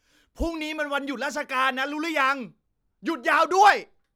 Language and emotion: Thai, angry